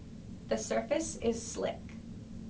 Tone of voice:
neutral